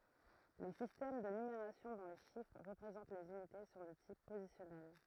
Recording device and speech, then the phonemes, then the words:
throat microphone, read sentence
le sistɛm də nymeʁasjɔ̃ dɔ̃ le ʃifʁ ʁəpʁezɑ̃t lez ynite sɔ̃ də tip pozisjɔnɛl
Les systèmes de numération dont les chiffres représentent les unités sont de type positionnel.

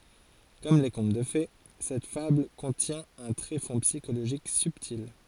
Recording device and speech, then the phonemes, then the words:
forehead accelerometer, read sentence
kɔm le kɔ̃t də fe sɛt fabl kɔ̃tjɛ̃ œ̃ tʁefɔ̃ psikoloʒik sybtil
Comme les contes de fées, cette fable contient un tréfonds psychologique subtil.

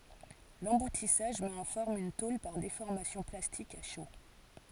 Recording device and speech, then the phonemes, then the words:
forehead accelerometer, read sentence
lɑ̃butisaʒ mɛt ɑ̃ fɔʁm yn tol paʁ defɔʁmasjɔ̃ plastik a ʃo
L'emboutissage met en forme une tôle par déformation plastique à chaud.

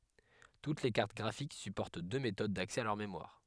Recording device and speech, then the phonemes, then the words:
headset microphone, read sentence
tut le kaʁt ɡʁafik sypɔʁt dø metod daksɛ a lœʁ memwaʁ
Toutes les cartes graphiques supportent deux méthodes d’accès à leur mémoire.

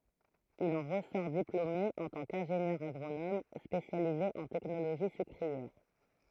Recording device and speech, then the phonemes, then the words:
throat microphone, read sentence
il ɑ̃ ʁəsɔʁ diplome ɑ̃ tɑ̃ kɛ̃ʒenjœʁ aɡʁonom spesjalize ɑ̃ tɛknoloʒi sykʁiɛʁ
Il en ressort diplômé en tant qu'ingénieur agronome spécialisé en technologie sucrière.

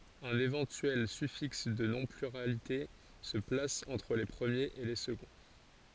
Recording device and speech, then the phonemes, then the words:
forehead accelerometer, read sentence
œ̃n evɑ̃tyɛl syfiks də nɔ̃ plyʁalite sə plas ɑ̃tʁ le pʁəmjez e le səɡɔ̃
Un éventuel suffixe de non pluralité se place entre les premiers et les seconds.

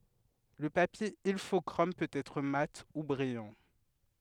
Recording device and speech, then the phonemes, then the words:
headset microphone, read sentence
lə papje ilfɔkʁom pøt ɛtʁ mat u bʁijɑ̃
Le papier Ilfochrome peut être mat ou brillant.

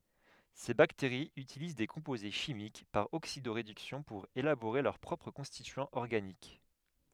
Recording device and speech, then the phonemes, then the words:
headset microphone, read sentence
se bakteʁiz ytiliz de kɔ̃poze ʃimik paʁ oksido ʁedyksjɔ̃ puʁ elaboʁe lœʁ pʁɔpʁ kɔ̃stityɑ̃z ɔʁɡanik
Ces bactéries utilisent des composés chimiques, par oxydo-réduction pour élaborer leurs propres constituants organiques.

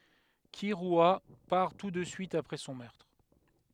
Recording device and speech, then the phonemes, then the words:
headset microphone, read sentence
kiʁya paʁ tu də syit apʁɛ sɔ̃ mœʁtʁ
Kirua part tout de suite après son meurtre.

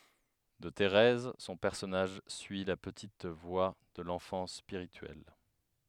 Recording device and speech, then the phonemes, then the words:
headset microphone, read sentence
də teʁɛz sɔ̃ pɛʁsɔnaʒ syi la pətit vwa də lɑ̃fɑ̃s spiʁityɛl
De Thérèse, son personnage suit la petite voie de l'enfance spirituelle.

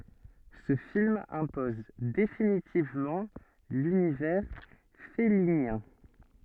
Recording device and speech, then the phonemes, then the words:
soft in-ear microphone, read sentence
sə film ɛ̃pɔz definitivmɑ̃ lynivɛʁ fɛlinjɛ̃
Ce film impose définitivement l'univers fellinien.

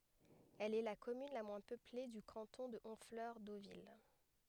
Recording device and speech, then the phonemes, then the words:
headset microphone, read sentence
ɛl ɛ la kɔmyn la mwɛ̃ pøple dy kɑ̃tɔ̃ də ɔ̃flœʁ dovil
Elle est la commune la moins peuplée du canton de Honfleur-Deauville.

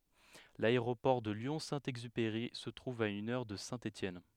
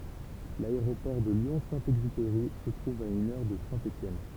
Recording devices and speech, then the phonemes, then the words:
headset microphone, temple vibration pickup, read sentence
laeʁopɔʁ də ljɔ̃ sɛ̃ ɛɡzypeʁi sə tʁuv a yn œʁ də sɛ̃ etjɛn
L'aéroport de Lyon-Saint-Exupéry se trouve à une heure de Saint-Étienne.

